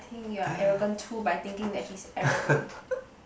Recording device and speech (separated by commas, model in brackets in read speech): boundary microphone, conversation in the same room